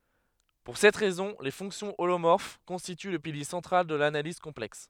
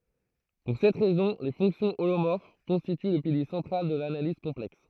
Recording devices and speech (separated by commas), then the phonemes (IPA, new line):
headset microphone, throat microphone, read sentence
puʁ sɛt ʁɛzɔ̃ le fɔ̃ksjɔ̃ olomɔʁf kɔ̃stity lə pilje sɑ̃tʁal də lanaliz kɔ̃plɛks